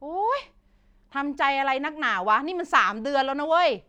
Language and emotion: Thai, frustrated